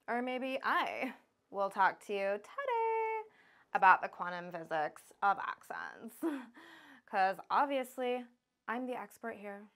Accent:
Uptick American accent